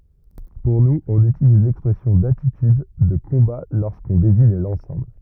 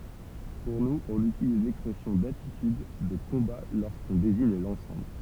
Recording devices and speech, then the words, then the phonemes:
rigid in-ear microphone, temple vibration pickup, read sentence
Pour nous, on utilise l’expression d’attitude de combat lorsqu’on désigne l’ensemble.
puʁ nuz ɔ̃n ytiliz lɛkspʁɛsjɔ̃ datityd də kɔ̃ba loʁskɔ̃ deziɲ lɑ̃sɑ̃bl

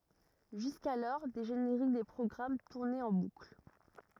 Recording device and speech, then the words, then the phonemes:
rigid in-ear microphone, read sentence
Jusqu'alors, des génériques des programmes tournaient en boucle.
ʒyskalɔʁ de ʒeneʁik de pʁɔɡʁam tuʁnɛt ɑ̃ bukl

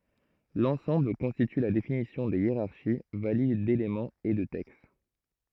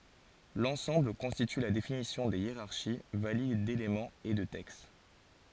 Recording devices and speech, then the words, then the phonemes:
throat microphone, forehead accelerometer, read sentence
L'ensemble constitue la définition des hiérarchies valides d'éléments et de texte.
lɑ̃sɑ̃bl kɔ̃stity la definisjɔ̃ de jeʁaʁʃi valid delemɑ̃z e də tɛkst

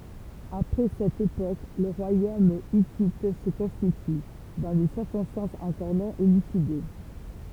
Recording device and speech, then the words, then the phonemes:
temple vibration pickup, read sentence
Après cette époque, le royaume hittite se constitue, dans des circonstances encore non élucidées.
apʁɛ sɛt epok lə ʁwajom itit sə kɔ̃stity dɑ̃ de siʁkɔ̃stɑ̃sz ɑ̃kɔʁ nɔ̃ elyside

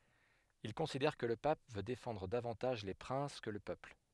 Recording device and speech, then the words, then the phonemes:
headset microphone, read sentence
Il considère que le Pape veut défendre davantage les princes que le peuple.
il kɔ̃sidɛʁ kə lə pap vø defɑ̃dʁ davɑ̃taʒ le pʁɛ̃s kə lə pøpl

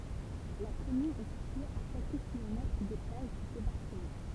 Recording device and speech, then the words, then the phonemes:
temple vibration pickup, read sentence
La commune est située à quelques kilomètres des plages du débarquement.
la kɔmyn ɛ sitye a kɛlkə kilomɛtʁ de plaʒ dy debaʁkəmɑ̃

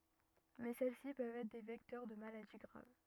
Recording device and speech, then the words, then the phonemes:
rigid in-ear microphone, read sentence
Mais celles-ci peuvent être des vecteurs de maladies graves.
mɛ sɛl si pøvt ɛtʁ de vɛktœʁ də maladi ɡʁav

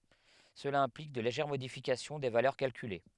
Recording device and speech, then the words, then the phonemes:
headset microphone, read sentence
Cela implique de légères modifications des valeurs calculées.
səla ɛ̃plik də leʒɛʁ modifikasjɔ̃ de valœʁ kalkyle

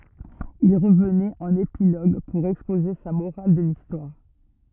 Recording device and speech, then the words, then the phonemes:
rigid in-ear microphone, read sentence
Il revenait en épilogue pour exposer sa morale de l'histoire.
il ʁəvnɛt ɑ̃n epiloɡ puʁ ɛkspoze sa moʁal də listwaʁ

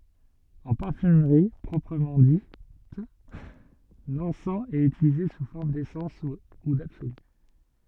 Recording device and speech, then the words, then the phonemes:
soft in-ear microphone, read sentence
En parfumerie proprement dite, l'encens est utilisé sous forme d'essence ou d'absolue.
ɑ̃ paʁfymʁi pʁɔpʁəmɑ̃ dit lɑ̃sɑ̃ ɛt ytilize su fɔʁm desɑ̃s u dabsoly

